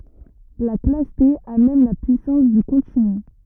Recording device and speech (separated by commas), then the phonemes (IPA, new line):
rigid in-ear microphone, read sentence
la klas te a mɛm la pyisɑ̃s dy kɔ̃tiny